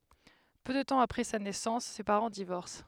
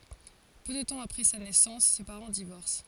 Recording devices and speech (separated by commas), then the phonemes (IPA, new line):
headset microphone, forehead accelerometer, read sentence
pø də tɑ̃ apʁɛ sa nɛsɑ̃s se paʁɑ̃ divɔʁs